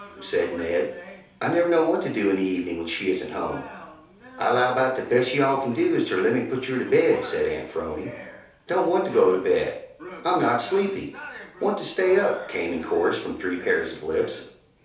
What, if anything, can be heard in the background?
A television.